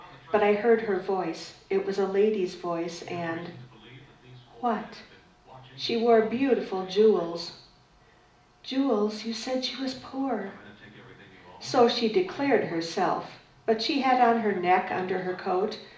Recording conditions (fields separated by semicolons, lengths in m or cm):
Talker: one person; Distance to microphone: 2.0 m; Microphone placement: close; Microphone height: 99 cm; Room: medium-sized (5.7 m by 4.0 m); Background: television